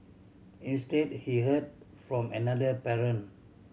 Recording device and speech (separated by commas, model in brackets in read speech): mobile phone (Samsung C7100), read sentence